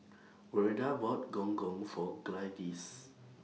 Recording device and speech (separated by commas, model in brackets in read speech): mobile phone (iPhone 6), read sentence